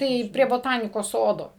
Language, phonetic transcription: Lithuanian, ˈtai prie boˈtanikos ˈsodo

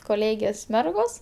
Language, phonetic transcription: Lithuanian, koˈlėgės ˈmergos

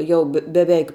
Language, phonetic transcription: Lithuanian, ˈjau be beˈveik

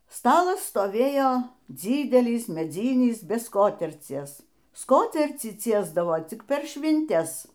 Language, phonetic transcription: Lithuanian, ˈstalas stoˈvėjo ˈdzydelis meˈdzynis be ˈskotercies ˈskotercį ˈciesdavo ˈcik per švinˈtes

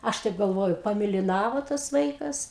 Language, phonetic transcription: Lithuanian, ˈaš taip galˈvoju pamėliˈnavo tas ˈvaikas

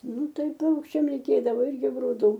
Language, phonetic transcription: Lithuanian, ˈnu ˈtai ˈpaukščiam ˈreikėdavo ˈirgi gruˈdų

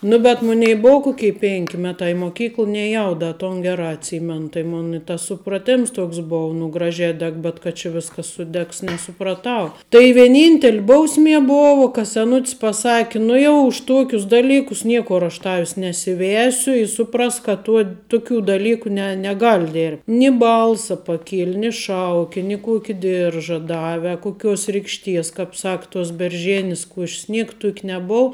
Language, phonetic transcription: Lithuanian, ˈnu bet ˈmunei i ˈbou ˈkoky ˈpink ˈmeˌtā i moˈkykl neˈjau ˈda ton ˈgerā atˈsymen tai ˈmona i tas supraˈtėms ˈtoks ˈbov nu ˈgražē ˈdeg bet kad čia ˈviskas suˈdegs nesupraˈtau tai vieˈnyntel' ˈbausˌmie ˈbova ka seˈnut's paˈsaki ˈnu jau už ˈtuokius ˈdaˌlykus ˈniekur aš ˈtavis nesiˈvesiu i ˈsuˈprask kad ˈtuo ˈtukių daˈlyku ne neˈgal' dėr ni ˈbalsa paˈkieli ni ˈšauki ni ˈkuoki ˈdirža ˈdave a kuˈkiuos ˈrikšˌties kap ˈsak tos berˈžėnis ˈkuoš's ˈniek ˈtuok' neˈbou

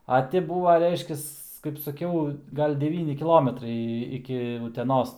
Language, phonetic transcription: Lithuanian, a ˈti ˈbūva ˈreiškias kaip saˈkiau ˈgal' deˈvyni kiˈlometrai iki uteˈnos

